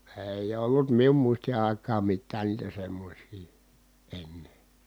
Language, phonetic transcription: Finnish, èij ‿ollut mium muisti ài̮kaam mittää niitä semmośii , enne .
- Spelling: ei ollut minun muistin aikaan mitään niitä semmoisia ennen

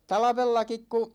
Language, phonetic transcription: Finnish, 'talᵃvellakik ku ,.
- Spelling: talvellakin kun

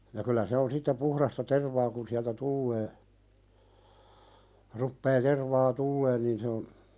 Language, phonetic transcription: Finnish, ja kylä 'se on sitte "puhðasta 'tervaa kun siältä "tullee , ruppee 'tervaa "tulleen niin se on ,.
- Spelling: ja kyllä se on sitten puhdasta tervaa kun sieltä tulee rupeaa tervaa tulemaan niin se on

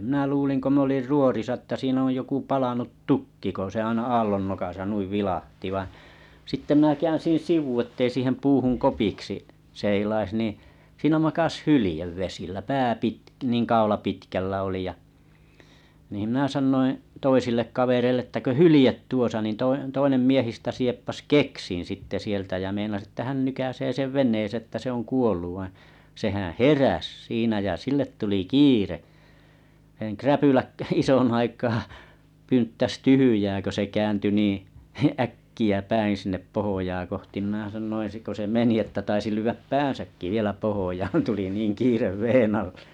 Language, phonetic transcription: Finnish, minä 'luuliŋ ko 'm ‿olir 'ruorisa että 'siin ‿oj joku 'palanut "tukki ko se aina 'aallon nokasa 'nuiv 'vilahti vaiḭ , 'sitte mⁱnä 'käänsin̬ "sivu ettei 'siihem 'puuhuŋ 'kopiksi , 'seilais niḭ , 'siinä makas "hylĭjev vesillä pää 'pitk- niiŋ 'kaula pitkällä oli ja , niim minä 'sannoiḭ , 'toisillek 'kavereille ‿että » kö "hylĭjeet 'tuosa « nin toi- 'toinem miehistä 'sieppas "keksin̬ sitte 'sieltä jä meinas että 'hän nykäsee 'sev 'ven̆neesee että se ‿oŋ 'kuolluv vaiḭ , 'sehää̰ "heräs 'siinä jä 'sillet tuli "kiirehen 'kräpyläk k- 'ison aikaa , pynttäs 'tyhyjää kö se 'käänty niiḭ 'äkki₍ä 'päìn̬ sinnep 'pohojaa koh- tim mⁱnää 'sannoin sik ko se 'meni että taisi 'lyyväp "pään̬säkki vielä 'pohojaan tuli 'niiŋ 'kiirev 'veen ‿alle .
- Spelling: minä luulin kun minä olin ruorissa että siinä on joku palanut tukki kun se aina aallon nokassa noin vilahti vain sitten minä käänsin sivu että ei siihen puuhun kopiksi seilaisi niin siinä makasi hylje vesillä pää - niin kaula pitkällä oli ja niin minä sanoin toisille kavereille että kun hylje tuossa niin - toinen miehistä sieppasi keksin sitten sieltä ja meinasi että hän nykäisee sen veneeseen että se on kuollut vaan sehän heräsi siinä ja sille tuli kiire räpylät - ison aikaa pynttäsi tyhjää kun se kääntyi niin äkkiä päin sinne pohjaa kohti minä sanoin sitten kun se meni että taisi lyödä päänsäkin vielä pohjaan tuli niin kiire veden alle

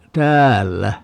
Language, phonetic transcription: Finnish, "täällä .
- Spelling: täällä

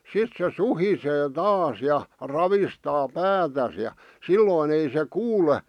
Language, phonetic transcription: Finnish, 'sit se "suhisee 'taas ja , 'ravistaa "päätäs ja , "sillòⁱn ‿ei se "kuule , .
- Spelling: sitten se suhisee taas ja ravistaa päätään ja silloin ei se kuule

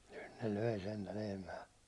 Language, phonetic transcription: Finnish, nyn ne 'löi sentä 'lehmää .
- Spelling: nyt ne löi sentään lehmää

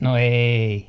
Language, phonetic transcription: Finnish, no 'eei .
- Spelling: no ei

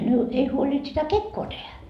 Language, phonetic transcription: Finnish, ei , ei huoĺint sitä "kekkoo tehä .
- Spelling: ei ei huolinut sitä kekoa tehdä

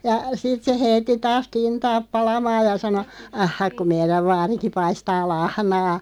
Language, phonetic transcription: Finnish, ja "sit se 'heitti 'taas "kintaaᵖ 'palamaaj ja 'sano , » 'ah"hak ku 'meiräv vaariki 'paistaa "lahnaa « .
- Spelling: ja sitten se heitti taas kintaan palamaan ja sanoi aha kun meidän vaarikin paistaa lahnaa

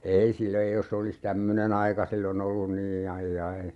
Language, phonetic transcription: Finnish, "ei 'sil ‿ei 'jos se olis "tämmöne'n ‿aika 'sillo'n ‿ollun nii 'aij"jai .
- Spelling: ei sillä ei jos se olisi tämmöinen aika silloin ollut niin aijai

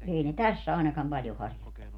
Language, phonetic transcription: Finnish, 'èi ne "täss ‿àinakam 'paljo haŕjottanu .
- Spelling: ei ne tässä ainakaan paljon harjoittanut

